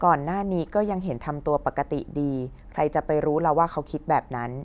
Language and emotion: Thai, neutral